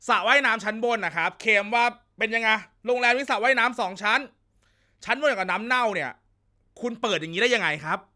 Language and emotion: Thai, angry